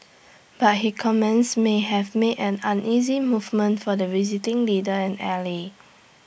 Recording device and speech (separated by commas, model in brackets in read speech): boundary microphone (BM630), read sentence